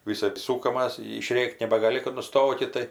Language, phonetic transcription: Lithuanian, viˈsɜp ˈsūkamas išˈrėk't' nebagaˈli kad nuˈstokit tai

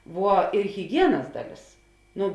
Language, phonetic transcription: Lithuanian, ˈvuo ir hiˈgienas ˈdaˌlės ˈnu

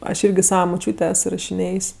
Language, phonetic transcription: Lithuanian, aš ˈirgi ˈsava muˈčiūtė ˈes irašiˈnėjs'

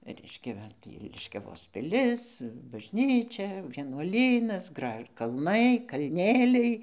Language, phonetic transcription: Lithuanian, ˈreiškia ˈva tį liškiaˈvos piˈlis bažˈnyčia vienuoˈlynas ˈgraž kalˈnai kalˈnėliai

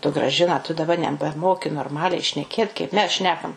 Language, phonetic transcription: Lithuanian, tu graˈžina tu daˈba nebeˈmoki norˈmaliai šneˈkėt kaip ˈmes ˈšnekam

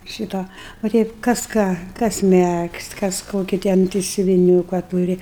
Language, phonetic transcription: Lithuanian, ˈšyto va ˈteip kas ˈką kas ˈmegzt' kas ˈkoki ˈten tai siuviˈniūka ˈtūri

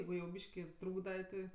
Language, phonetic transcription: Lithuanian, ˈjeigu jau ˈbyški ˈtrūkda ti

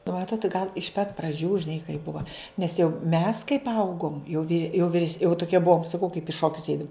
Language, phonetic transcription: Lithuanian, nu ˈmatot gal iš pat praˈdžių žiˈnai kai ˈbuva nes jau mes kaip ˈaugom jau vi jau viˈres jau tuˈkie ˈbuom saˈkau kaip i ˈšokius ˈeidum

